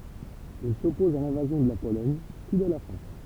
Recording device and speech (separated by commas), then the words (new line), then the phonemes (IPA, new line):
temple vibration pickup, read sentence
Il s'oppose à l'invasion de la Pologne puis de la France.
il sɔpɔz a lɛ̃vazjɔ̃ də la polɔɲ pyi də la fʁɑ̃s